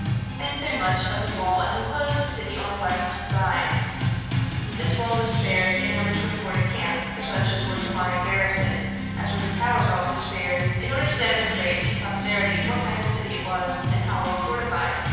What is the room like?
A large, very reverberant room.